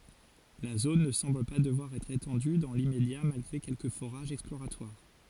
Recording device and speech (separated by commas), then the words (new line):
forehead accelerometer, read sentence
La zone ne semble pas devoir être étendue dans l'immédiat malgré quelques forages exploratoires.